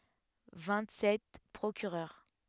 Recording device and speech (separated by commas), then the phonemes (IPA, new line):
headset microphone, read sentence
vɛ̃t sɛt pʁokyʁœʁ